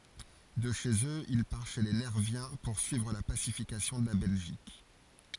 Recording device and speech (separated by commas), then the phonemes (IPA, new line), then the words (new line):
forehead accelerometer, read sentence
də ʃez øz il paʁ ʃe le nɛʁvjɛ̃ puʁsyivʁ la pasifikasjɔ̃ də la bɛlʒik
De chez eux il part chez les Nerviens poursuivre la pacification de la Belgique.